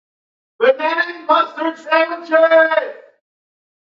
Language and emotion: English, happy